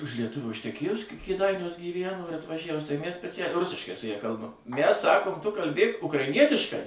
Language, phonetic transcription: Lithuanian, už lieˈtuvio išteˈkėjus ke kėˈdainiuos gyˈvæno ir atvaˈžævus tai mæs speˈcæliai ˈrusiškai su ˈja ˈkalbam mæs ˈsakom tu kalˈbėk ukraiˈnietiškai

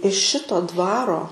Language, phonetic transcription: Lithuanian, iš ˈšito ˈdvaro

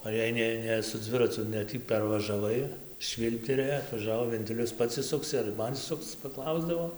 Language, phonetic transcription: Lithuanian, o jei ˈne ˈne su ˈdzviracu ne ˈtį pervažaˈvai ˈšvylpterė atvaˈžavo venˈtilius ˈpats išˈsuksi ar ˈman išˈsukc paˈklausdavo

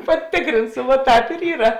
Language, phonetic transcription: Lithuanian, paˈtikrinsu vuo ˈtāp ir ˈyra

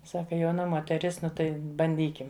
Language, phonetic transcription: Lithuanian, ˈsaka jauˈna moteˈris ˈnu tai banˈdykim

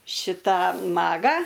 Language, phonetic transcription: Lithuanian, ˈšitą ˈmagą

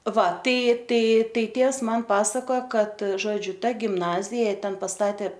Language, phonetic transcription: Lithuanian, ˈva ˈtai ˈtai ˈtai ˈtėvs man ˈpasakojo ˈkad ˈžodžiu ˈta gimˈnazija ˈten paˈstatė

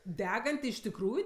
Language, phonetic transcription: Lithuanian, ˈdeganti iš tikˈrųju

